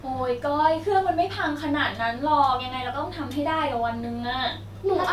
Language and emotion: Thai, frustrated